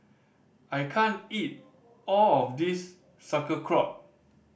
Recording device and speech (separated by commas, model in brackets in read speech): boundary microphone (BM630), read sentence